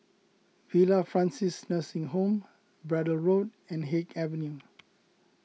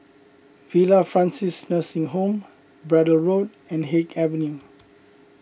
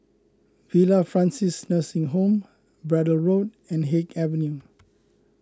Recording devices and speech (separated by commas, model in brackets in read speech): mobile phone (iPhone 6), boundary microphone (BM630), close-talking microphone (WH20), read sentence